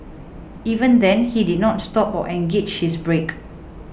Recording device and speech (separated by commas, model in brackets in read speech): boundary microphone (BM630), read sentence